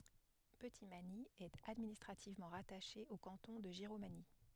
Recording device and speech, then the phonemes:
headset microphone, read sentence
pətitmaɲi ɛt administʁativmɑ̃ ʁataʃe o kɑ̃tɔ̃ də ʒiʁomaɲi

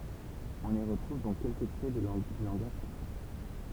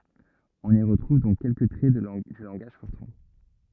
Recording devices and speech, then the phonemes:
temple vibration pickup, rigid in-ear microphone, read sentence
ɔ̃n i ʁətʁuv dɔ̃k kɛlkə tʁɛ dy lɑ̃ɡaʒ fɔʁtʁɑ̃

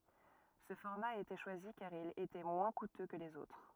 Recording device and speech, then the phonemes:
rigid in-ear microphone, read sentence
sə fɔʁma a ete ʃwazi kaʁ il etɛ mwɛ̃ kutø kə lez otʁ

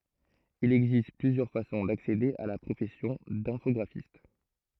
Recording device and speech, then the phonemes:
throat microphone, read sentence
il ɛɡzist plyzjœʁ fasɔ̃ daksede a la pʁofɛsjɔ̃ dɛ̃fɔɡʁafist

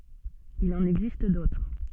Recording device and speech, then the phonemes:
soft in-ear microphone, read sentence
il ɑ̃n ɛɡzist dotʁ

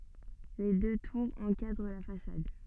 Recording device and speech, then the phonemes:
soft in-ear microphone, read sentence
le dø tuʁz ɑ̃kadʁ la fasad

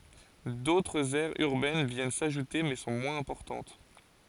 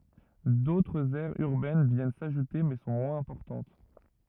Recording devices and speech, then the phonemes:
forehead accelerometer, rigid in-ear microphone, read sentence
dotʁz ɛʁz yʁbɛn vjɛn saʒute mɛ sɔ̃ mwɛ̃z ɛ̃pɔʁtɑ̃t

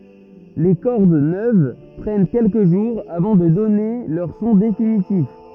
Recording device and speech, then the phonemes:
rigid in-ear microphone, read sentence
le kɔʁd nøv pʁɛn kɛlkə ʒuʁz avɑ̃ də dɔne lœʁ sɔ̃ definitif

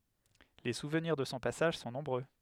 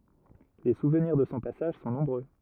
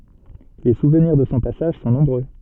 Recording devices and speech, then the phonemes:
headset microphone, rigid in-ear microphone, soft in-ear microphone, read sentence
le suvniʁ də sɔ̃ pasaʒ sɔ̃ nɔ̃bʁø

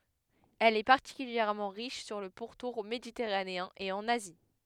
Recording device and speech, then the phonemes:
headset microphone, read sentence
ɛl ɛ paʁtikyljɛʁmɑ̃ ʁiʃ syʁ lə puʁtuʁ meditɛʁaneɛ̃ e ɑ̃n azi

